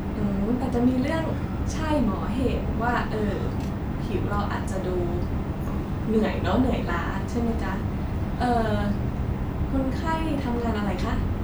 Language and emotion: Thai, neutral